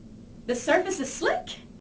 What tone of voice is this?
happy